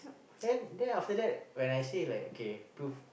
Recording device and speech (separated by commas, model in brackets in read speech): boundary microphone, conversation in the same room